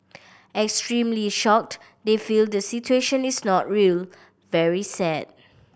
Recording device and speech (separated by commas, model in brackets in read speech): boundary microphone (BM630), read sentence